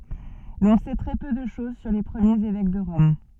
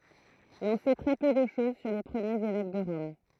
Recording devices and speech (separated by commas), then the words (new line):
soft in-ear microphone, throat microphone, read sentence
L'on sait très peu de chose sur les premiers évêques de Rome.